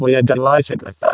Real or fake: fake